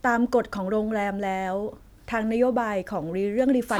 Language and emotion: Thai, neutral